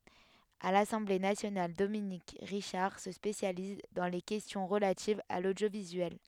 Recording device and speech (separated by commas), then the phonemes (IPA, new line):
headset microphone, read sentence
a lasɑ̃ble nasjonal dominik ʁiʃaʁ sə spesjaliz dɑ̃ le kɛstjɔ̃ ʁəlativz a lodjovizyɛl